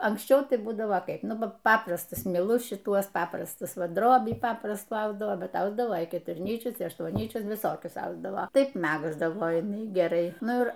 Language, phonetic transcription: Lithuanian, anksˈčiau ˈtai ˈbūdavo ˈkaip ˈnu ˈpab ˈpaprastus miˈlus šiˈtuos ˈpaprastus ˈva ˈdrobį ˈpaprastų ˈausdavoˈ ˈbet ˈausdavo keturˈnyčius i aštuonˈnyčius viˈsokius ˈausdavo ˈtaip ˈmægzdavo jiˈnai geˈrai ˈnu ˈir

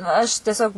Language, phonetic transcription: Lithuanian, aš tieˈsiog

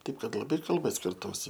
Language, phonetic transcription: Lithuanian, ˈtaip ˈkad laˈbai kalˈba skirˈtųsi

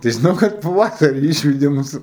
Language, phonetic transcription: Lithuanian, tai žiˈnau kad paˈvasari ˈyšvedė ˈmus

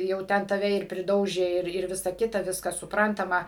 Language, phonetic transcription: Lithuanian, jau ˈten taˈve ir priˈdaužė ˈir ˈir ˈvisa ˈkita ˈviskas suˈprantama

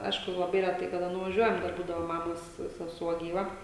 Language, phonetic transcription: Lithuanian, ˈaišku laˈbai reˈtai kaˈda nuvaˈžiuojam ˈdar ˈbūdavo ˈmamos seˈsuo gyˈva

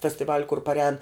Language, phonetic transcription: Lithuanian, festiˈvaliu kur parˈēn

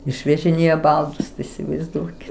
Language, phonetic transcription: Lithuanian, išvežiˈnėja ˈbaldus tai isivaizˈduoki

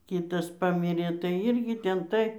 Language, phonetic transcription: Lithuanian, ˈkytas ˈpamirė tai ˈirgi ˈten tai

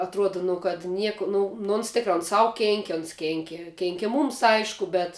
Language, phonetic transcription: Lithuanian, atˈruoda nu kad ˈnieku ˈnu nu ons ˈtikra on ˈsau ˈkėnki ons ˈkėnki ˈkėnki ˈmūms ˈaišku ˈbet

